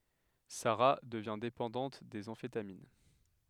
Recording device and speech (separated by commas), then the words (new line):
headset microphone, read sentence
Sara devient dépendante des amphétamines.